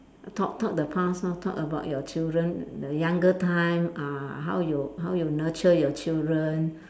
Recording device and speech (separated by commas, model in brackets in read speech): standing microphone, conversation in separate rooms